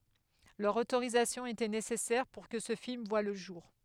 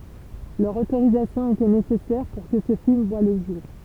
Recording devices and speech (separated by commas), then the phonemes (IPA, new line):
headset microphone, temple vibration pickup, read sentence
lœʁ otoʁizasjɔ̃ etɛ nesɛsɛʁ puʁ kə sə film vwa lə ʒuʁ